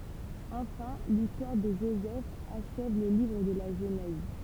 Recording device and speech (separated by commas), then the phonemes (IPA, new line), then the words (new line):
temple vibration pickup, read sentence
ɑ̃fɛ̃ listwaʁ də ʒozɛf aʃɛv lə livʁ də la ʒənɛz
Enfin, l'histoire de Joseph achève le livre de la Genèse.